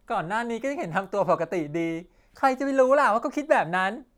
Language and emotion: Thai, happy